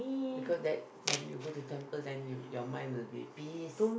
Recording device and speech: boundary microphone, conversation in the same room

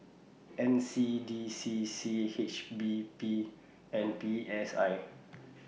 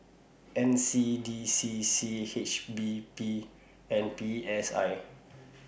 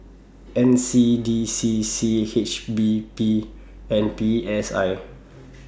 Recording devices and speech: mobile phone (iPhone 6), boundary microphone (BM630), standing microphone (AKG C214), read sentence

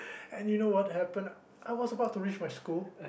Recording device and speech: boundary microphone, conversation in the same room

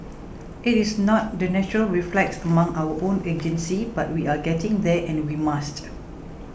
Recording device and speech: boundary microphone (BM630), read sentence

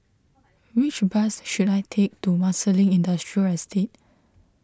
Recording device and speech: close-talking microphone (WH20), read sentence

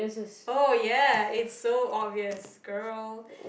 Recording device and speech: boundary microphone, conversation in the same room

